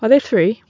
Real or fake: real